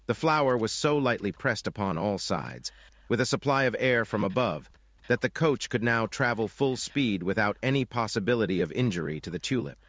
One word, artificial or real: artificial